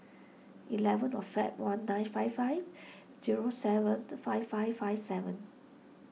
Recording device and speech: mobile phone (iPhone 6), read sentence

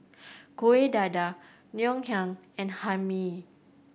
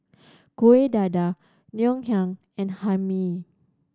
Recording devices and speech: boundary microphone (BM630), standing microphone (AKG C214), read sentence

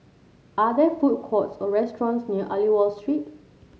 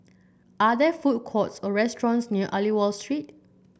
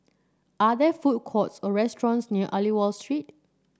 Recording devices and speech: mobile phone (Samsung C7), boundary microphone (BM630), standing microphone (AKG C214), read sentence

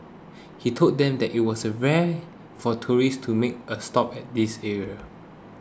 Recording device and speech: close-talking microphone (WH20), read sentence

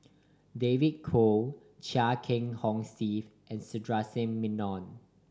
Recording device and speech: standing microphone (AKG C214), read sentence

